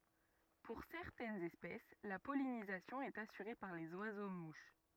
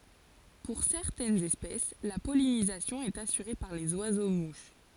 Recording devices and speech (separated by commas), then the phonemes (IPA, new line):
rigid in-ear microphone, forehead accelerometer, read sentence
puʁ sɛʁtɛnz ɛspɛs la pɔlinizasjɔ̃ ɛt asyʁe paʁ lez wazo muʃ